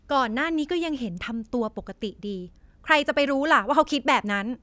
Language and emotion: Thai, angry